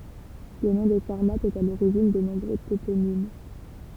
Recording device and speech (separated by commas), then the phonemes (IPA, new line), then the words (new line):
temple vibration pickup, read sentence
lə nɔ̃ de saʁmatz ɛt a loʁiʒin də nɔ̃bʁø toponim
Le nom des Sarmates est à l'origine de nombreux toponymes.